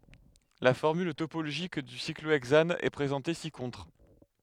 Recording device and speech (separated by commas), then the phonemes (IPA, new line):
headset microphone, read sentence
la fɔʁmyl topoloʒik dy sikloɛɡzan ɛ pʁezɑ̃te si kɔ̃tʁ